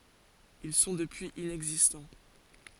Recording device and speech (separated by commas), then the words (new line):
forehead accelerometer, read sentence
Ils sont depuis inexistants.